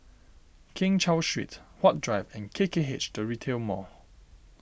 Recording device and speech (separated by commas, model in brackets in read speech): boundary microphone (BM630), read sentence